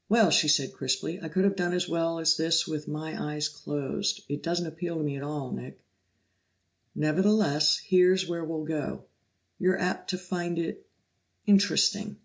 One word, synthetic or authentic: authentic